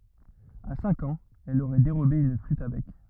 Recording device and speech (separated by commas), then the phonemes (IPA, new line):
rigid in-ear microphone, read sentence
a sɛ̃k ɑ̃z ɛl oʁɛ deʁobe yn flyt a bɛk